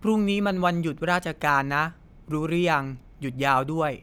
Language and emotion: Thai, neutral